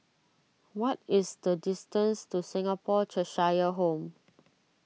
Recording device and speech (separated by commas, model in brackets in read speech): mobile phone (iPhone 6), read sentence